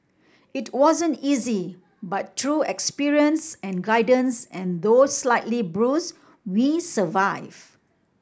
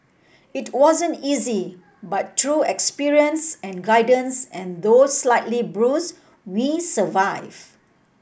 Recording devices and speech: standing microphone (AKG C214), boundary microphone (BM630), read sentence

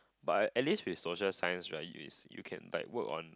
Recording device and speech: close-talking microphone, conversation in the same room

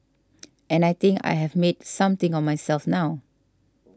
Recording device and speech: standing microphone (AKG C214), read sentence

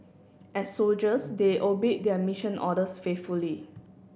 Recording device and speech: boundary microphone (BM630), read sentence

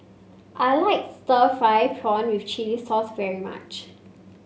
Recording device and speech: mobile phone (Samsung C5), read sentence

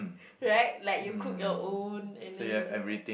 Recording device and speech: boundary microphone, conversation in the same room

